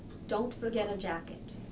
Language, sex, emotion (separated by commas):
English, female, neutral